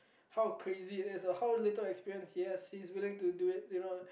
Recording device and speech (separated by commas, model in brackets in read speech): boundary microphone, conversation in the same room